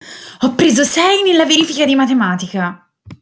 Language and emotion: Italian, angry